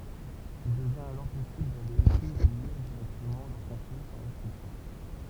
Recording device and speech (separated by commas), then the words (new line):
temple vibration pickup, read sentence
Il devient alors possible d'aller écrire ou lire directement leur contenu sans restrictions.